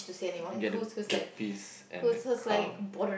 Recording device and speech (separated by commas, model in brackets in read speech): boundary microphone, conversation in the same room